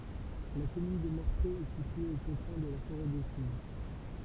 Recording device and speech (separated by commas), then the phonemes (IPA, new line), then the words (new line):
temple vibration pickup, read sentence
la kɔmyn də mɔʁtʁe ɛ sitye o kɔ̃fɛ̃ də la foʁɛ dekuv
La commune de Mortrée est située aux confins de la forêt d'Écouves.